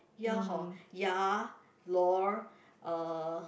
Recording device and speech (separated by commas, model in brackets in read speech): boundary microphone, conversation in the same room